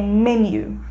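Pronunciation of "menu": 'Menu' is pronounced correctly here.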